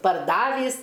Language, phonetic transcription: Lithuanian, parˈdavįs

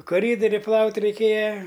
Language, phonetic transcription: Lithuanian, koˈrydori ˈplaut' reiˈkėja

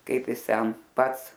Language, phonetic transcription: Lithuanian, ˈkaip ˈjis ˈten ˈpats

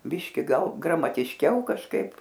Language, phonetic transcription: Lithuanian, ˈbiški ˈgal gramatišˈkiau kažˈkaip

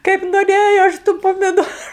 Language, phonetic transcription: Lithuanian, kaip noˈrėjo ˈaš tu pamiˈdoru

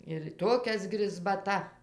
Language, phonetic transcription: Lithuanian, ir ˈtokias grizbaˈta

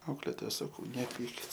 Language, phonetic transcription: Lithuanian, ˈauklėtoja saˈkau neˈpykit

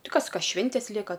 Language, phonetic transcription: Lithuanian, ˈti ˈkas ˈka ˈšvintės ˈlieka

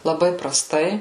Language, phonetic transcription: Lithuanian, laˈbai praˈstai

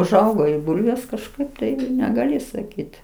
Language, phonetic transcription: Lithuanian, užˈaugo i ˈbulvės kažˈkaip tai negaˈli saˈkyt

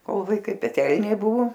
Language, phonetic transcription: Lithuanian, ˈkol vaiˈkai peˈtelnė ˈbuvo

